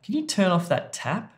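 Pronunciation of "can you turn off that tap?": In 'can you turn off that tap?', the words are really connected up and run into one another.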